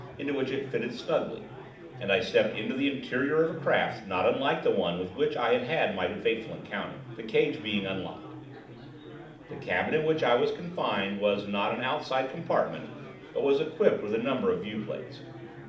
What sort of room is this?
A medium-sized room (about 5.7 m by 4.0 m).